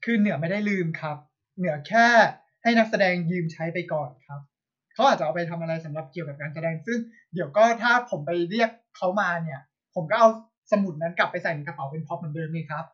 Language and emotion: Thai, angry